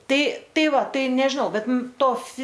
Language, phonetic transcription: Lithuanian, ˈtai ˈtai ˈva ˈtai nežiˈnau ˈbet ˈmum ˈto fi

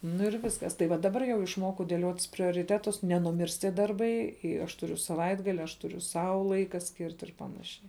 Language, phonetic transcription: Lithuanian, ˈnu ir ˈviskas tai ˈva daˈbar jau išˈmokau dėˈliotis prioriˈtetus nenuˈmirs ˈtie ˈdarbai i ˈaš tuˈriu saˈvaitgali aš ˈturiu ˈsau ˈlaika ˈskirt ir ˈpanašiai

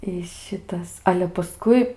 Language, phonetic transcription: Lithuanian, i ˈšitas 'ale paˈskui

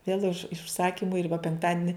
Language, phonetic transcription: Lithuanian, vėl iš užˈsakymu ir va penkˈtadini

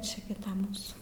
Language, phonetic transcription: Lithuanian, ˈči gi ˈta ˈmūsų

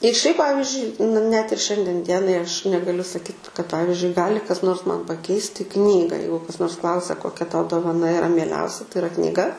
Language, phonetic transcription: Lithuanian, ir šiaip ˈpavizdžiui n net ir ˈšiandien ˈdienai aš negaˈliu saˈkyt kad ˈpavizdžiui ˈgali kas nors man paˈkeisti ˈknyga ˈjeigu kas ˈnors ˈklausia koˈkia ˈtau dovaˈna iˈra mieˈliausia tai iˈra knyˈga

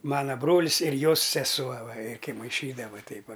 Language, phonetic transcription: Lithuanian, ˈmana ˈbrolis ir ˈjos seˈsuo ˈva ir kai maiˈšydava ˈteip ˈva

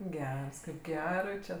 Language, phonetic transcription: Lithuanian, ˈgers ˈkaip ˈgerai čia

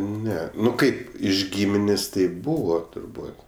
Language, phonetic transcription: Lithuanian, ˈne ˈnu ˈkaip iš ˈgyminės' tai ˈbūva turˈbūt

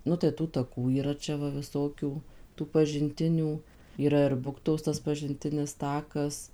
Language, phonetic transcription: Lithuanian, ˈnu tai ˈtų taˈkų yˈra ˈčia ˈva viˈsokių tų pažinˈtinių yˈra ir ˈbuktos ˈtas pažinˈtinis ˈtakas

